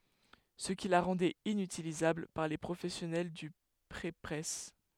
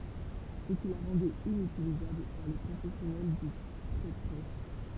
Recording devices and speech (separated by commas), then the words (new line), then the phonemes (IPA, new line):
headset microphone, temple vibration pickup, read sentence
Ce qui la rendait inutilisable par les professionnels du prépresse.
sə ki la ʁɑ̃dɛt inytilizabl paʁ le pʁofɛsjɔnɛl dy pʁepʁɛs